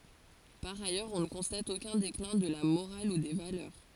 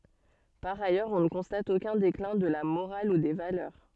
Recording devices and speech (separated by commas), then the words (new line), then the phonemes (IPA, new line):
forehead accelerometer, soft in-ear microphone, read sentence
Par ailleurs, on ne constate aucun déclin de la morale ou des valeurs.
paʁ ajœʁz ɔ̃ nə kɔ̃stat okœ̃ deklɛ̃ də la moʁal u de valœʁ